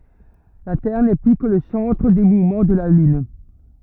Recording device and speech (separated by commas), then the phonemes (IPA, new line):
rigid in-ear microphone, read sentence
la tɛʁ nɛ ply kə lə sɑ̃tʁ de muvmɑ̃ də la lyn